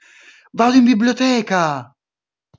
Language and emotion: Italian, surprised